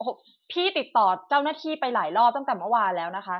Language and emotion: Thai, angry